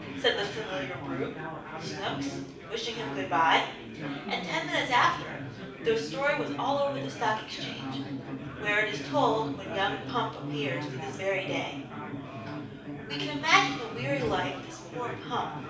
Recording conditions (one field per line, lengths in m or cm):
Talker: one person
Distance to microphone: 5.8 m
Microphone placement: far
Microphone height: 1.8 m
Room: medium-sized (5.7 m by 4.0 m)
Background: babble